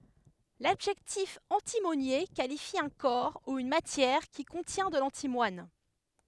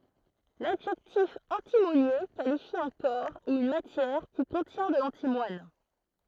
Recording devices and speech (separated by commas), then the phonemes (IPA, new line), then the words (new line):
headset microphone, throat microphone, read sentence
ladʒɛktif ɑ̃timonje kalifi œ̃ kɔʁ u yn matjɛʁ ki kɔ̃tjɛ̃ də lɑ̃timwan
L'adjectif antimonié qualifie un corps ou une matière qui contient de l'antimoine.